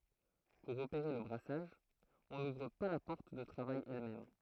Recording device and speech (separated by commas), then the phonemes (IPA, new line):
throat microphone, read sentence
puʁ opeʁe lə bʁasaʒ ɔ̃ nuvʁ pa la pɔʁt də tʁavaj ɛlmɛm